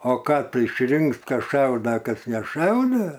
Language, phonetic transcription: Lithuanian, ˈo ˈką ˈtu išˈrinks ˈkas ˈšauda ˈkas neˈšaude

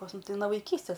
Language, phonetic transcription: Lithuanian, pas ˈmum ˈtai no vaiˈkystes

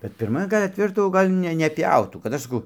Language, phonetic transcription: Lithuanian, kad pirˈma ˈgal' atˈveždavo ˈgal' ne neˈpjautų kad ˈaš saˈkau

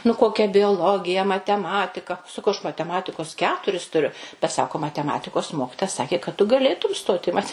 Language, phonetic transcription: Lithuanian, nu ˈkokia bioˈlogija mateˈmatika saˈkau aš mateˈmatikos ˈketuris tuˈriu bet ˈsako mateˈmatikos ˈmokitoja ˈsakė kad tu gaˈlėtum ˈstot i ˈmate

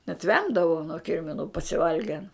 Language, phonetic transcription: Lithuanian, net ˈvemdavau nuo ˈkirminu pasiˈvalgen

